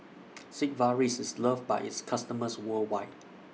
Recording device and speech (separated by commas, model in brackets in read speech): mobile phone (iPhone 6), read sentence